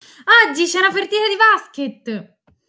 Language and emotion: Italian, happy